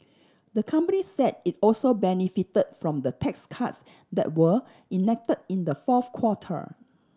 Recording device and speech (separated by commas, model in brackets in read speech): standing microphone (AKG C214), read sentence